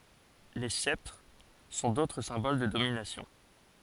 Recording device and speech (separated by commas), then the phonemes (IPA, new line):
forehead accelerometer, read sentence
le sɛptʁ sɔ̃ dotʁ sɛ̃bol də dominasjɔ̃